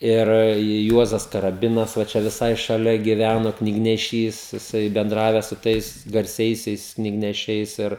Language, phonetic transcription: Lithuanian, ˈir ˈjuozas karaˈbinas va ˈčia viˈsai šaˈlia giˈvæno knigneˈšys jiˈsai benˈdraves su ˈtais garˈsiaisiais knigneˈšiais ˈir

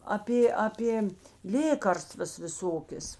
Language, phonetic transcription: Lithuanian, aˈpė aˈpė ˈlėkarstvas viˈsokės

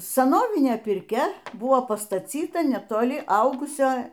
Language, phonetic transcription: Lithuanian, saˈnovinė pirˈkia ˈbuvo pastaˈcyta netoˈli ˈaugusio

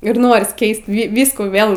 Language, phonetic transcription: Lithuanian, ir ˈnoris ˈkeist vy ˈvyskų ˈvėl

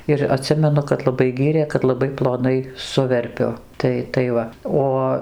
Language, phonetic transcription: Lithuanian, ir aˈtsimenu kad laˈbai ˈgyrė kad laˈbai ploˈnai ˈsuverpiu ˈtai tai ˈva ˈo

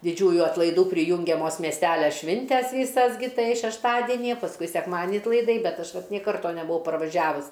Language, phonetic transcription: Lithuanian, diˈdžiųju atlaiˈdų priˈjūngiamos miesˈtælia ˈšvintes ˈvysas gi ˈtai šešˈtadenije pasˈkui sekˈmadni atlaiˈdai ˈbet ˈaš ˈvat nė ˈkarto nebuˈvau parvaˈžiavus

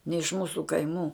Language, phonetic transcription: Lithuanian, ne iš ˈmūsu kaiˈmų

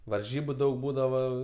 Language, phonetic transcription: Lithuanian, varˈžybu ˈdaug ˈbūdavo

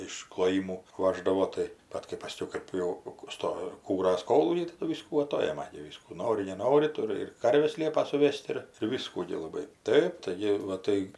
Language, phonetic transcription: Lithuanian, iš kloˈjimų ˈvaždavo tai ˈbat kai paˈskiau ˈkɜp jau ˈsto ˈkūras ˈkolūkiai taˈdu ˈvyskų aˈtojema gi ˈvyskų ˈnori neˈnori ˈturi ir ˈkarves ˈliepa suˈve's't' ir ir ˈviskų gi laˈbai ˈtaip taiˈgi va ˈtai

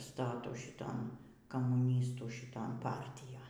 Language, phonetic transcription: Lithuanian, ˈstatų šiˈton kamūˈnystų šiˈton ˈpartijon

